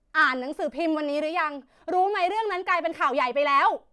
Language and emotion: Thai, angry